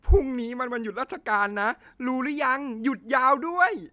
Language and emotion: Thai, happy